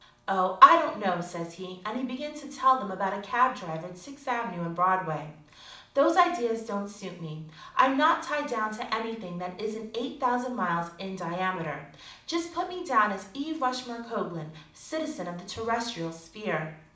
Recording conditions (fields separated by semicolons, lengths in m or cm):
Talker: one person; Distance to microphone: 2.0 m; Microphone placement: close; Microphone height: 99 cm; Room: medium-sized (5.7 m by 4.0 m); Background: none